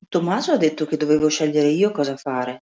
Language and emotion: Italian, neutral